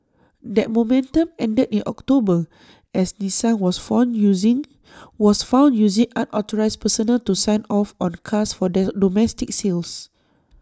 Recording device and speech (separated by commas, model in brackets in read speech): standing microphone (AKG C214), read sentence